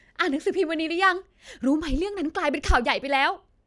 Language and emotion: Thai, happy